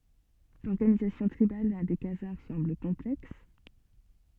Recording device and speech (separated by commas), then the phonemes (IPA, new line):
soft in-ear microphone, read sentence
lɔʁɡanizasjɔ̃ tʁibal de kazaʁ sɑ̃bl kɔ̃plɛks